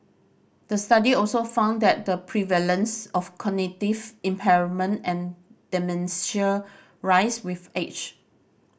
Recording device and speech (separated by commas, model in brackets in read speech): boundary microphone (BM630), read sentence